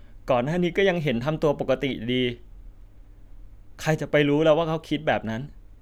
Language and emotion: Thai, sad